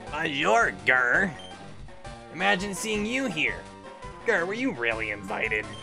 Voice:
gruff, nasally voice